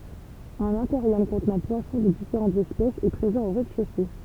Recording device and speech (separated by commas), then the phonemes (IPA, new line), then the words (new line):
temple vibration pickup, read sentence
œ̃n akwaʁjɔm kɔ̃tnɑ̃ pwasɔ̃ də difeʁɑ̃tz ɛspɛsz ɛ pʁezɑ̃ o ʁɛzdɛʃose
Un aquarium contenant poissons de différentes espèces est présent au rez-de-chaussée.